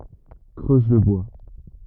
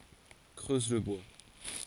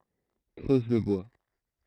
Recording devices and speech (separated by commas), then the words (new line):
rigid in-ear microphone, forehead accelerometer, throat microphone, read sentence
Creuse le bois.